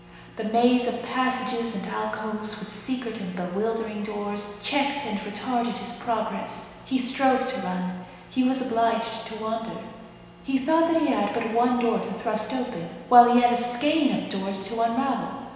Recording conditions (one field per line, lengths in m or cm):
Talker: one person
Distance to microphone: 1.7 m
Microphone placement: close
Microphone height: 1.0 m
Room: very reverberant, large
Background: none